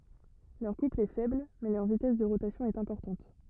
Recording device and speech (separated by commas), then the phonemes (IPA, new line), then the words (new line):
rigid in-ear microphone, read sentence
lœʁ kupl ɛ fɛbl mɛ lœʁ vitɛs də ʁotasjɔ̃ ɛt ɛ̃pɔʁtɑ̃t
Leur couple est faible, mais leur vitesse de rotation est importante.